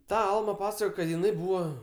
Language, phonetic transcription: Lithuanian, ˈta ˈalma ˈpasakojo kad jiˈnai ˈbūva

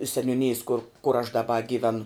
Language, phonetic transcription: Lithuanian, seniūˈnijės kur kur aš daˈba gyˈvenu

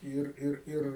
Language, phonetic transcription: Lithuanian, ˈyr ˈir ˈir

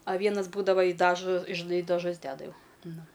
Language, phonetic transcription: Lithuanian, a ˈvienas ˈbūdava i ˈdažo žiˈnai i daˈžus ˈdeda ˈjau ˈnu

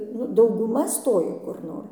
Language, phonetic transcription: Lithuanian, nu dauguˈma ˈstoja kur ˈnor

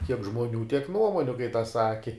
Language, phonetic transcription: Lithuanian, kiek žmoˈnių tiek ˈnuomoniu kai tas ˈsaki

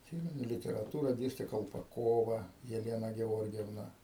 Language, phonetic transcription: Lithuanian, atˈsymenu literaˈtūra ˈdėste kalpaˈkova jeˈlena geˈorgevna

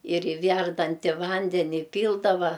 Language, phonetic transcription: Lithuanian, ir i ˈværdanti ˈvandeni iˈpyldava

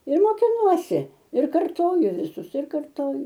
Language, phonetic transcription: Lithuanian, ir mokiˈnuosi ir karˈtoju viˈsus ir karˈtoju

